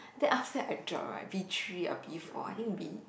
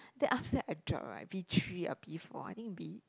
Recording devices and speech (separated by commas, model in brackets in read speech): boundary microphone, close-talking microphone, conversation in the same room